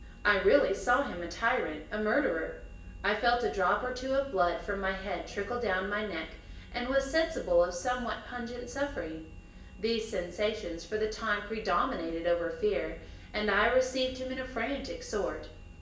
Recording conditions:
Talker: one person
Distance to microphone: 1.8 m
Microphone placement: close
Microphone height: 1.0 m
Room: large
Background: none

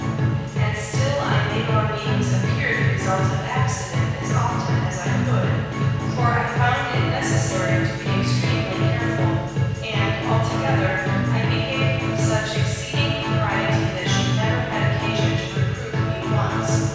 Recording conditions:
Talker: one person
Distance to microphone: 7.1 m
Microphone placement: far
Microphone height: 1.7 m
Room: very reverberant, large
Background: music

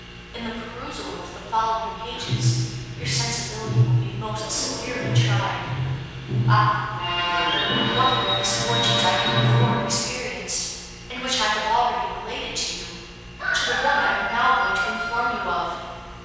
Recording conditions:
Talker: one person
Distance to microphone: 7.1 m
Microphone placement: far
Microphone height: 1.7 m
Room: very reverberant, large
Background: television

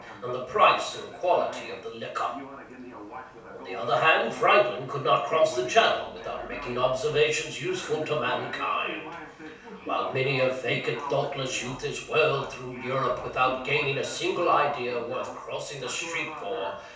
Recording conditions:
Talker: one person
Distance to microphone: 3.0 m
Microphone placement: far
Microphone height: 1.8 m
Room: small (3.7 m by 2.7 m)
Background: television

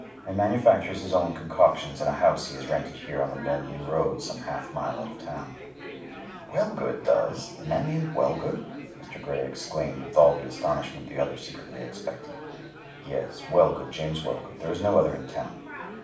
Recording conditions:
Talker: one person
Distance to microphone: 5.8 m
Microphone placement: far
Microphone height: 1.8 m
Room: medium-sized (5.7 m by 4.0 m)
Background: babble

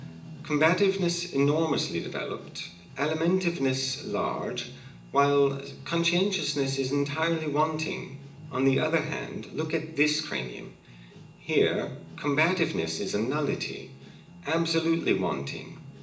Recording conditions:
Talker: one person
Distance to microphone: 1.8 m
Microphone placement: close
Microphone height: 1.0 m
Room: large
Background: music

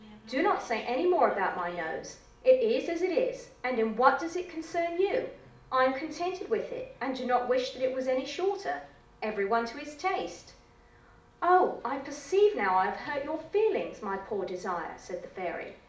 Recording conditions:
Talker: one person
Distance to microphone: 2.0 m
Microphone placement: close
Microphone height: 99 cm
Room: medium-sized (5.7 m by 4.0 m)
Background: television

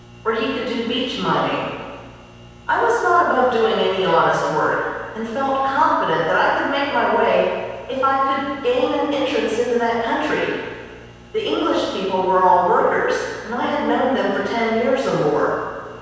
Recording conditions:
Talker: one person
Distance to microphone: 7.1 m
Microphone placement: far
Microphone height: 1.7 m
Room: very reverberant, large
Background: none

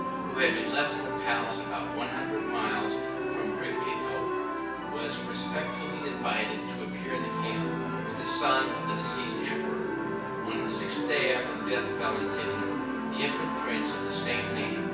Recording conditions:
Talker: one person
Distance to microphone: 9.8 m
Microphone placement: far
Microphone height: 1.8 m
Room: large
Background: television

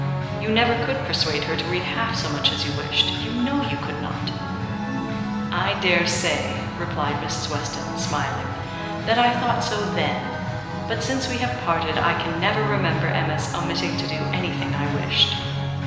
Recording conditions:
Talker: one person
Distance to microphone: 1.7 m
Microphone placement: close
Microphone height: 1.0 m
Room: very reverberant, large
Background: music

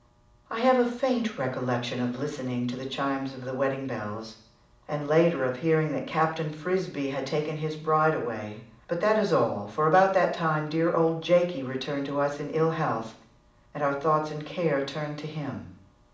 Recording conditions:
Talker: one person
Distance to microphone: 2.0 m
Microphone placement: close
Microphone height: 99 cm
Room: medium-sized (5.7 m by 4.0 m)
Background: none

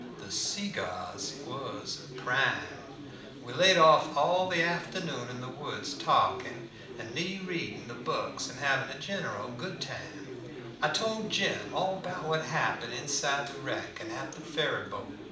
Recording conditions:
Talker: one person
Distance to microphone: 2.0 m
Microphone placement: close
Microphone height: 99 cm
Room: medium-sized (5.7 m by 4.0 m)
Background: babble

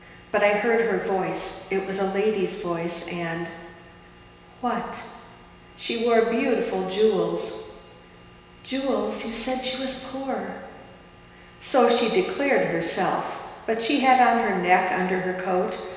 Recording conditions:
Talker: one person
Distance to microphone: 1.7 m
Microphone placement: close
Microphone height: 1.0 m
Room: very reverberant, large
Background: none

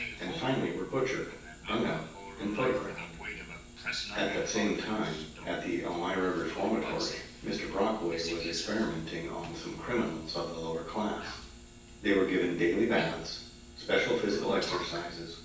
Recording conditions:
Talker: one person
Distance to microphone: 9.8 m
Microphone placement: far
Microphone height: 1.8 m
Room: large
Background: television

